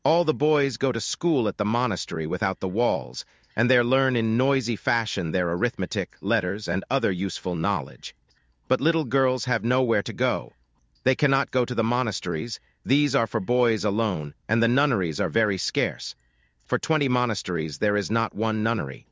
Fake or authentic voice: fake